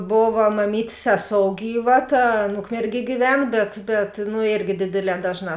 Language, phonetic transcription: Lithuanian, ˈbova maˈmytės ˈseˌsou ˈgyˌva ˈta ˈan ˈukmerˌgie gyˈven ˈbet bet nu ˈėrgi ˈdėdėˌlē ˈdažˌnā

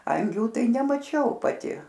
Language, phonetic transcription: Lithuanian, ˈangių ˈtai nemaˈčiau paˈti

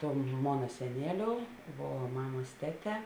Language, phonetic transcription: Lithuanian, ˈtom ˈmona seˈnėˌliou ˈvo ˈmamas ˈteˌtē

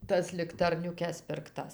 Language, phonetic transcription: Lithuanian, ˈtas liktarniuˈkes pirkˈtas

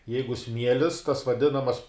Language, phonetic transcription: Lithuanian, ˈjeigu ˈsmielis tas vaˈdinamas

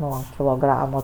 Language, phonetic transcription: Lithuanian, ˈnuo kiloˈgramo

